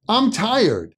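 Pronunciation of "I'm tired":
In 'I'm tired', 'I'm' is pronounced as 'um'.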